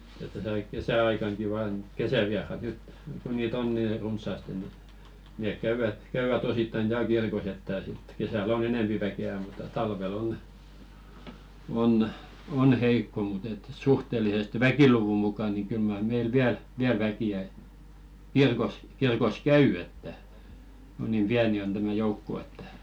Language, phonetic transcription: Finnish, et täsä aik- 'kesä₍aikaŋki vaan , 'kesäviarat nyt , ku nii't ‿on 'nii "runs̀àste ni , 'nèk "käyvät , 'käyvät osittain 'tääl "kirkos ‿että , sit 'kesä̀'l ‿o"n ‿enèmpi väke₍ä mut̆ta 'talve'l ‿on , on "heikko mut ‿et , 'suhtelisest "väkiluvu muka ni 'kyl mar 'meil "viäl , viäl väki₍ä 'kirkos , 'kirkos "käy että , kun niim "piäni on tämä 'joukko että .
- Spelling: että tässä - kesäaikanakin vain kesävieraat nyt kun niitä on niin runsaasti niin ne käyvät käyvät osittain täällä kirkossa että sitten kesällä on enempi väkeä mutta talvella on on heikko mutta että suhteellisesti väkiluvun mukaan niin kyllä mar meillä vielä vielä väkeä kirkossa kirkossa käy että kun niin pieni on tämä joukko että

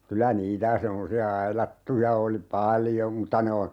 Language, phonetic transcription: Finnish, 'kylä 'niitä 'semmosi₍a 'ailattuja oli "paljom mutta ne on̬ , .
- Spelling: kyllä niitä semmoisia aidattuja oli paljon mutta ne on

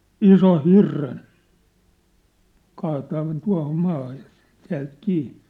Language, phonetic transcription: Finnish, isoʰ "hirren , 'kaataa (noin) 'tua̭hom 'maahaj jᴀ , (täält) 'kii .
- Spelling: ison hirren kaataa noin tuohon maahan ja täältä kiinni

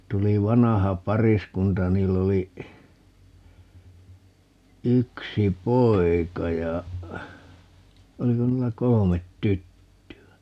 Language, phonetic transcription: Finnish, 'tuli "vanaha "pariskunta ja 'niill ‿oli , 'yksi "poi̮ka ja , 'oliko 'niillä "kolomet "tytty₍ä .
- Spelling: tuli vanha pariskunta ja niillä oli yksi poika ja oliko niillä kolme tyttöä

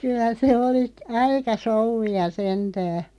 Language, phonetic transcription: Finnish, kyä se 'oli , "aika 'soŭvvi₍a 'sentää .
- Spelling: kyllä se oli aika souvia sentään

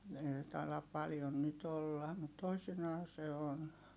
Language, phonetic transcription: Finnish, ei se tailap paljon nyt ‿olla , mut toisinaa se on .
- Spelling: ei se taida paljon nyt olla mutta toisinaan se on

